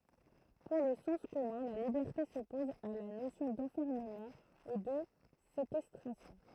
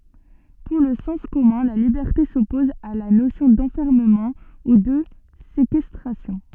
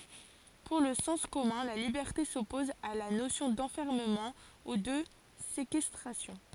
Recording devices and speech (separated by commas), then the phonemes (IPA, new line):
throat microphone, soft in-ear microphone, forehead accelerometer, read sentence
puʁ lə sɑ̃s kɔmœ̃ la libɛʁte sɔpɔz a la nosjɔ̃ dɑ̃fɛʁməmɑ̃ u də sekɛstʁasjɔ̃